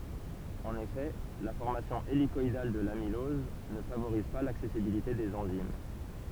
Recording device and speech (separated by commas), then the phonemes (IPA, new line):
temple vibration pickup, read sentence
ɑ̃n efɛ la fɔʁmasjɔ̃ elikɔidal də lamilɔz nə favoʁiz pa laksɛsibilite dez ɑ̃zim